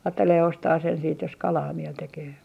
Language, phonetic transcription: Finnish, aattelee 'ostaa sen siit jos "kalaa 'miel tekee .
- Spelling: ajattelee ostaa sen sitten jos kalaa mieli tekee

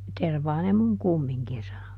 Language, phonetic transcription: Finnish, » ˈtervaa ne muŋ "kummiŋkin » sano .
- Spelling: tervaa ne minun kumminkin sanoi

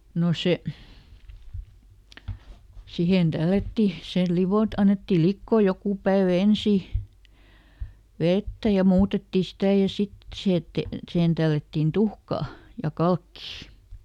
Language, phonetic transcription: Finnish, no ˈse , ˈsihen ˈDällätti , sel "livot- , ˈannettil ˈlikkoo ˈjokù päevä "ensì , ˈvettä ja ˈmuutetti "sitä̀ ja ˈsit , ˈsihe ette , ˈsihen tällättin "tuhkaa , ja "kalkkii .
- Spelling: no se siihen tällättiin sen - annettiin liota joku päivä ensin vettä ja muutettiin sitä ja sitten siihen ette sihen tällättiin tuhkaa ja kalkkia

